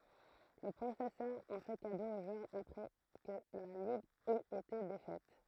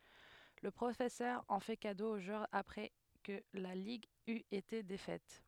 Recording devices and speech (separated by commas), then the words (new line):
throat microphone, headset microphone, read sentence
Le professeur en fait cadeau au joueur après que la ligue eut été défaite.